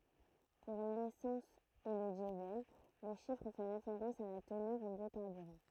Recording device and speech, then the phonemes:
throat microphone, read sentence
puʁ lesɑ̃s e lə djəzɛl lə ʃifʁ fɛ ʁefeʁɑ̃s a la tənœʁ ɑ̃ bjokaʁbyʁɑ̃

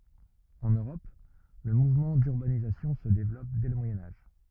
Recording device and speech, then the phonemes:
rigid in-ear microphone, read sentence
ɑ̃n øʁɔp lə muvmɑ̃ dyʁbanizasjɔ̃ sə devlɔp dɛ lə mwajɛ̃ aʒ

